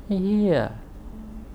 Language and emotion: Thai, frustrated